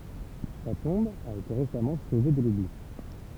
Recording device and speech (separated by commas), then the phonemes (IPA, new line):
temple vibration pickup, read sentence
sa tɔ̃b a ete ʁesamɑ̃ sove də lubli